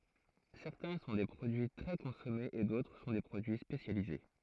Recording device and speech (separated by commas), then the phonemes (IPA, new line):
throat microphone, read sentence
sɛʁtɛ̃ sɔ̃ de pʁodyi tʁɛ kɔ̃sɔmez e dotʁ sɔ̃ de pʁodyi spesjalize